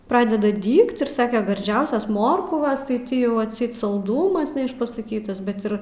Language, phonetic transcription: Lithuanian, ˈpradeda ˈdygt ir ˈsake garˈdžiausias ˈmorkvas tai ˈti ˈjau atˈseit salˈdumas neišpasaˈkytas ˈbet ir

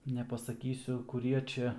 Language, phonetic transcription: Lithuanian, nepasaˈkysiu kuˈrie ˈčia

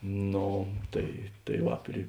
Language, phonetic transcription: Lithuanian, ˈno ˈtai tai ˈva pri

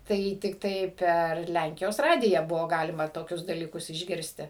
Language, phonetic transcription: Lithuanian, ˈtai tikˈtai per ˈlænkijos ˈradiją ˈbuvo ˈgalima toˈkius dalyˈkus išˈgirsti

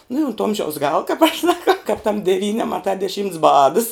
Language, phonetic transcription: Lithuanian, nu i ont ˈomžiaus ˈgala kap aš saˈkau kap tam deˈvyni amaˈta deˈšymts ˈbadas

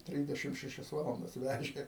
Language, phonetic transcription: Lithuanian, ˈtrysdešim šeˈšias ˈvalandas ˈvæžė

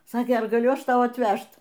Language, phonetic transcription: Lithuanian, ˈsakė ˈar gaˈliu ˈaš ˈtau atˈvæžt

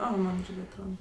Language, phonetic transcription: Lithuanian, ˈo ˈman ˈirgi atˈroda

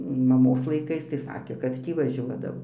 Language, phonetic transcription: Lithuanian, maˈmos laiˈkais tai ˈsakė kad ˈtį vaˈžiuodavo

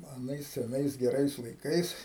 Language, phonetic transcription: Lithuanian, aˈnais seˈnais geˈrais laiˈkais

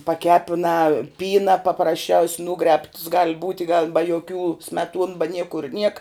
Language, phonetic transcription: Lithuanian, paˈkepinā ˈpyna paprasˈčiaus' ˈnūgrēbts gal ˈbūti gal ba joˈkių smeˈtuon ba ˈniekur niek

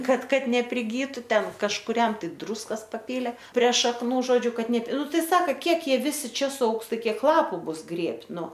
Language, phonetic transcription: Lithuanian, ˈkad ˈkad nepriˈgytu ˈten kažkuˈriam ˈtai ˈdrūskas paˈpylė pre šakˈnų ˈžodžiu ˈkad ˈne ˈnu ˈtai ˈsaka ˈkiek ˈjie ˈvisi ˈčia suˈaugs ˈtai ˈkiek ˈlapu ˈbus ˈgrėbt' ˈnu

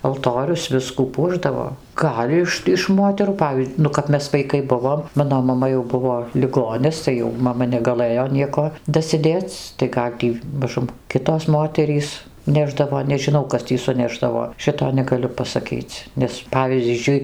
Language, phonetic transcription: Lithuanian, alˈtorius ˈviskų ˈpuošdavo ˈgal' iš iš ˈmoterų ˈpavy ˈnu kap ˈmes vaiˈkai ˈbuvom ˈmano maˈma jau ˈbuvo liˈgonis tai ˈjau maˈma negaˈlɘjo ˈnieko dasiˈdėc tai ˈgal' tį maˈžum ˈkitos ˈmoterys ˈnešdavo nežiˈnau ˈkas tį suˈnešdavo ˈšito negaˈliu pasaˈkyc ˈnes ˈpavyzdžiui

